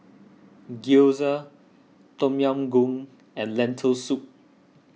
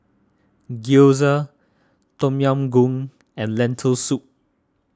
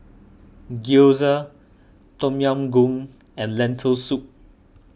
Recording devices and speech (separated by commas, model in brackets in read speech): mobile phone (iPhone 6), standing microphone (AKG C214), boundary microphone (BM630), read sentence